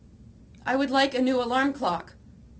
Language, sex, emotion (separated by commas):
English, female, neutral